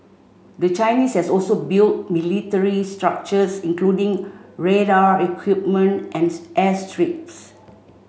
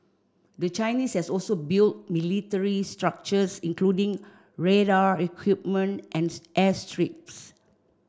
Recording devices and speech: mobile phone (Samsung C5), standing microphone (AKG C214), read sentence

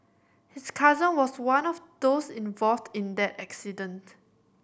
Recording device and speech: boundary microphone (BM630), read sentence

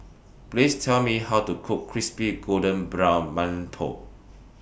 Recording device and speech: boundary microphone (BM630), read sentence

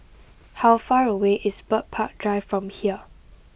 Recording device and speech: boundary microphone (BM630), read sentence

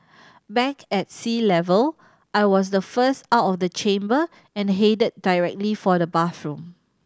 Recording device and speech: standing microphone (AKG C214), read sentence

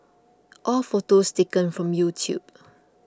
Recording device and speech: close-talking microphone (WH20), read sentence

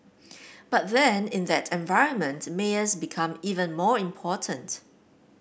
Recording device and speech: boundary microphone (BM630), read sentence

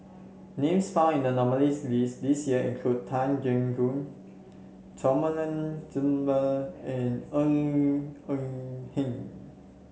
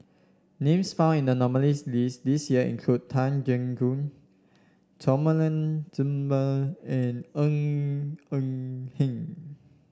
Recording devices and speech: mobile phone (Samsung C7), standing microphone (AKG C214), read sentence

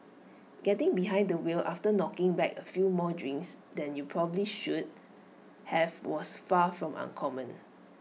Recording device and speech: mobile phone (iPhone 6), read sentence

